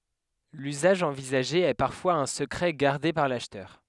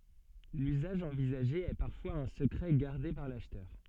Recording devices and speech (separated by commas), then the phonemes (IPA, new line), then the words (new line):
headset microphone, soft in-ear microphone, read sentence
lyzaʒ ɑ̃vizaʒe ɛ paʁfwaz œ̃ səkʁɛ ɡaʁde paʁ laʃtœʁ
L’usage envisagé est parfois un secret gardé par l’acheteur.